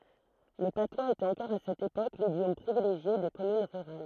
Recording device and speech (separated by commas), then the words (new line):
throat microphone, read sentence
Le patois était encore à cette époque l'idiome privilégié des communes rurales.